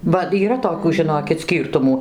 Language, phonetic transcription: Lithuanian, ba yˈra toˈkių žiˈnokit ˈskyrtumų

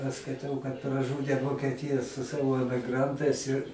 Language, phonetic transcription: Lithuanian, aš skaiˈtau kad praˈžūdė vokeˈtija su ˈsavo emiˈgrantais ir

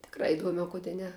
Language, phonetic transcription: Lithuanian, tikˈra iˈduome o ˈkude ˈne

